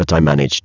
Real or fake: fake